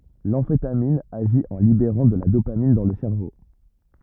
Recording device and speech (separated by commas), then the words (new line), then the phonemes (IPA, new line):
rigid in-ear microphone, read sentence
L'amphétamine agit en libérant de la dopamine dans le cerveau.
lɑ̃fetamin aʒi ɑ̃ libeʁɑ̃ də la dopamin dɑ̃ lə sɛʁvo